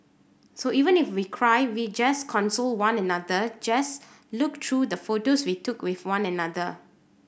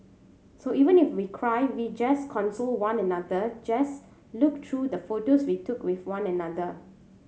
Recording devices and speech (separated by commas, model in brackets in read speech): boundary microphone (BM630), mobile phone (Samsung C7100), read sentence